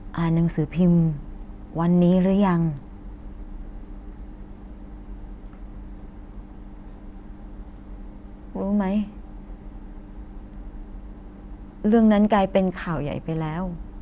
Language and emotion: Thai, sad